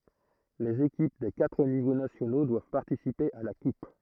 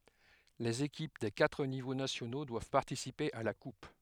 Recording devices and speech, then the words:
throat microphone, headset microphone, read sentence
Les équipes des quatre niveaux nationaux doivent participer à la Coupe.

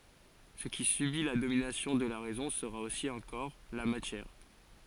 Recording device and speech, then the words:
forehead accelerometer, read sentence
Ce qui subit la domination de la raison sera aussi un corps, la matière.

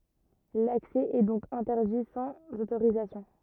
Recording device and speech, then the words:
rigid in-ear microphone, read sentence
L’accès est donc interdit sans autorisation.

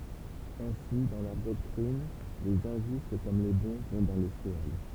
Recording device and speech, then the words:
temple vibration pickup, read sentence
Ainsi, dans leur doctrine, les injustes comme les bons vont dans le sheol.

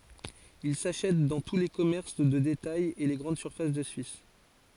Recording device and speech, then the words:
forehead accelerometer, read sentence
Il s'achète dans tous les commerces de détails et les grandes surfaces de Suisse.

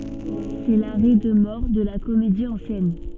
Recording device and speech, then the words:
soft in-ear microphone, read sentence
C'est l'arrêt de mort de la comédie ancienne.

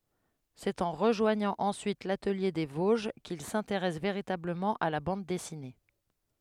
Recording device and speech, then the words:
headset microphone, read sentence
C'est en rejoignant ensuite l'Atelier des Vosges qu'il s'intéresse véritablement à la bande dessinée.

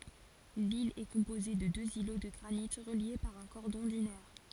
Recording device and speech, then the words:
forehead accelerometer, read sentence
L'île est composée de deux îlots de granite reliés par un cordon dunaire.

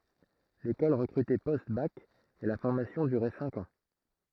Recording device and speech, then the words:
throat microphone, read sentence
L'école recrutait post-bac et la formation durait cinq ans.

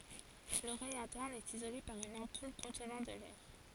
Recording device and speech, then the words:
forehead accelerometer, read sentence
L'oreille interne est isolée par une ampoule contenant de l'air.

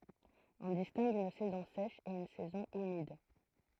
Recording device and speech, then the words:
throat microphone, read sentence
On distingue une saison sèche et une saison humide.

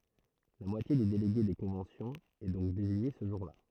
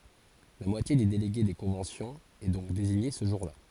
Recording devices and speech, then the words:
throat microphone, forehead accelerometer, read sentence
La moitié des délégués des conventions est donc désignée ce jour-là.

